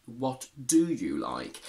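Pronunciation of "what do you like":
In 'what do you like', 'do' is said in its strong form, for emphasis, and the tone carries surprise and shock.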